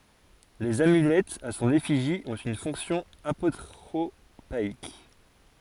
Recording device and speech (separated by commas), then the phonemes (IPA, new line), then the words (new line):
forehead accelerometer, read sentence
lez amylɛtz a sɔ̃n efiʒi ɔ̃t yn fɔ̃ksjɔ̃ apotʁopaik
Les amulettes à son effigie ont une fonction apotropaïque.